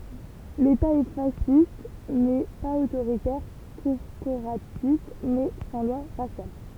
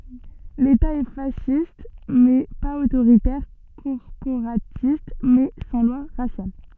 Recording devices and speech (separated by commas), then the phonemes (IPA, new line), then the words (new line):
temple vibration pickup, soft in-ear microphone, read sentence
leta ɛ fasist mɛ paz otoʁitɛʁ kɔʁpoʁatist mɛ sɑ̃ lwa ʁasjal
L’État est fasciste mais pas autoritaire, corporatiste mais sans lois raciales.